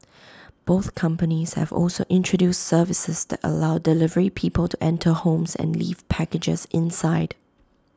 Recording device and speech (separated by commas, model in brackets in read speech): close-talking microphone (WH20), read sentence